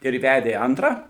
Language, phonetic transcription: Lithuanian, ir ˈvædė ˈantrą

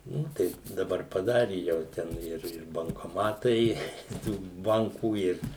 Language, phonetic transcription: Lithuanian, ˈnu tai daˈbar paˈdari jau ˈten ˈir ir bankoˈmatai i ˈtų ˈbankų ˈir

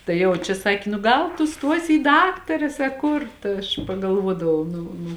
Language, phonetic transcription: Lithuanian, tai ˈjau čia ˈsaki nu ˈgal tu ˈstuosi į ˈdaktares a ˈkur ta ˈaš pagalˈvuodavau ˈnu nu

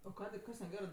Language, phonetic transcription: Lithuanian, o ˈkadė ˈkas neˈgerɜ

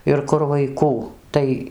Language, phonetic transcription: Lithuanian, ir ˈkur vaiˈkų ˈtai

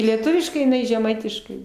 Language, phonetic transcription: Lithuanian, lieˈtuviškai iˈnai žeˈmaitiškai

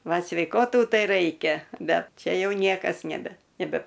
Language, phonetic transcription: Lithuanian, ˈva sveiˈkotų ˈtai ˈraikia ˈbet ˈčia ˈjau ˈniekas neˈbe neˈbe

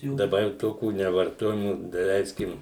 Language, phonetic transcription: Lithuanian, daˈbar jau ˈtokių nevarˈtojamų daˈleiskim

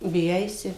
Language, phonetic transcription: Lithuanian, biˈjaisi

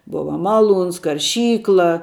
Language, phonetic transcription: Lithuanian, ˈbuva maˈlūns karˈšykla

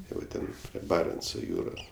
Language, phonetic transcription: Lithuanian, ˈtai va ˈten prie ˈbarenco ˈjūros

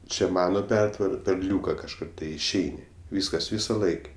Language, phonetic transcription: Lithuanian, ˈčia ˈmano ˈpertvara per ˈliūka kažˈkur ˈtai išˈeini ˈvyskas ˈvyso ˈlaik'

